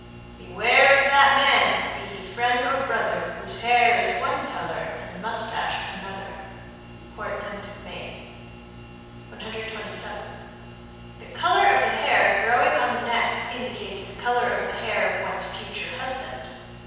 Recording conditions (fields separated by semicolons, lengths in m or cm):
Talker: one person; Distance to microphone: 7.1 m; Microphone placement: far; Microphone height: 1.7 m; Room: very reverberant, large; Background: none